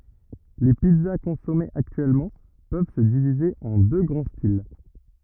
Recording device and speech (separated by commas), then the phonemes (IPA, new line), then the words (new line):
rigid in-ear microphone, read sentence
le pizza kɔ̃sɔmez aktyɛlmɑ̃ pøv sə divize ɑ̃ dø ɡʁɑ̃ stil
Les pizzas consommées actuellement peuvent se diviser en deux grands styles.